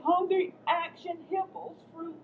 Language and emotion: English, fearful